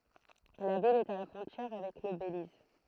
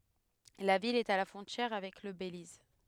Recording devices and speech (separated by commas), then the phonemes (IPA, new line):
throat microphone, headset microphone, read sentence
la vil ɛt a la fʁɔ̃tjɛʁ avɛk lə beliz